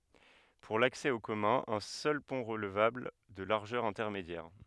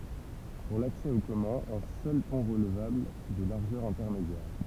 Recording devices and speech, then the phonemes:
headset microphone, temple vibration pickup, read sentence
puʁ laksɛ o kɔmœ̃z œ̃ sœl pɔ̃ ʁəlvabl də laʁʒœʁ ɛ̃tɛʁmedjɛʁ

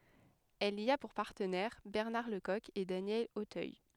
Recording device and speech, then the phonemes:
headset microphone, read sentence
ɛl i a puʁ paʁtənɛʁ bɛʁnaʁ lə kɔk e danjɛl otœj

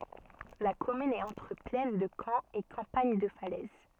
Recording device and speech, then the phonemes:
soft in-ear microphone, read sentence
la kɔmyn ɛt ɑ̃tʁ plɛn də kɑ̃ e kɑ̃paɲ də falɛz

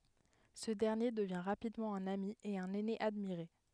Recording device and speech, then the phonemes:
headset microphone, read sentence
sə dɛʁnje dəvjɛ̃ ʁapidmɑ̃ œ̃n ami e œ̃n ɛne admiʁe

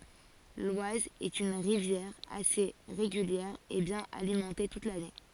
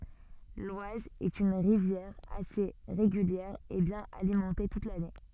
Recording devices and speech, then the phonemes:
forehead accelerometer, soft in-ear microphone, read sentence
lwaz ɛt yn ʁivjɛʁ ase ʁeɡyljɛʁ e bjɛ̃n alimɑ̃te tut lane

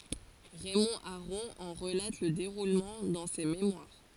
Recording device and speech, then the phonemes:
forehead accelerometer, read sentence
ʁɛmɔ̃ aʁɔ̃ ɑ̃ ʁəlat lə deʁulmɑ̃ dɑ̃ se memwaʁ

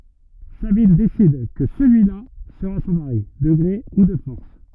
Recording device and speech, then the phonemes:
rigid in-ear microphone, read sentence
sabin desid kə səlyila səʁa sɔ̃ maʁi də ɡʁe u də fɔʁs

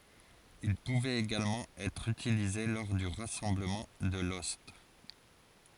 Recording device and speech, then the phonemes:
forehead accelerometer, read sentence
il puvɛt eɡalmɑ̃ ɛtʁ ytilize lɔʁ dy ʁasɑ̃bləmɑ̃ də lɔst

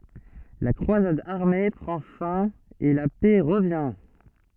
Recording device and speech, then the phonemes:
soft in-ear microphone, read sentence
la kʁwazad aʁme pʁɑ̃ fɛ̃ e la pɛ ʁəvjɛ̃

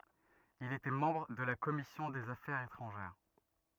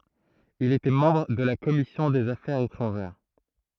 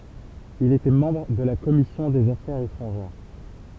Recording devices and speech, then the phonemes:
rigid in-ear microphone, throat microphone, temple vibration pickup, read sentence
il etɛ mɑ̃bʁ də la kɔmisjɔ̃ dez afɛʁz etʁɑ̃ʒɛʁ

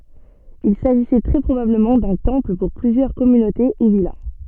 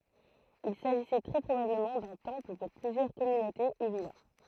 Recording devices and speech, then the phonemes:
soft in-ear microphone, throat microphone, read sentence
il saʒisɛ tʁɛ pʁobabləmɑ̃ dœ̃ tɑ̃pl puʁ plyzjœʁ kɔmynote u vila

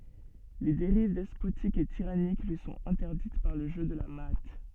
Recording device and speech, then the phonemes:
soft in-ear microphone, read sentence
le deʁiv dɛspotik e tiʁanik lyi sɔ̃t ɛ̃tɛʁdit paʁ lə ʒø də la maa

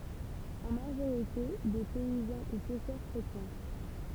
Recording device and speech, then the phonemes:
temple vibration pickup, read sentence
ɑ̃ maʒoʁite de pɛizɑ̃ u pɛʃœʁ kʁetjɛ̃

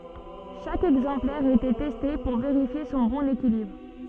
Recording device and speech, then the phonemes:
soft in-ear microphone, read sentence
ʃak ɛɡzɑ̃plɛʁ etɛ tɛste puʁ veʁifje sɔ̃ bɔ̃n ekilibʁ

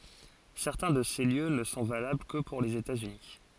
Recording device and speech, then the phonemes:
forehead accelerometer, read sentence
sɛʁtɛ̃ də se ljø nə sɔ̃ valabl kə puʁ lez etatsyni

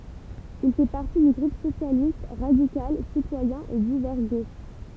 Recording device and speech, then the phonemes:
temple vibration pickup, read sentence
il fɛ paʁti dy ɡʁup sosjalist ʁadikal sitwajɛ̃ e divɛʁ ɡoʃ

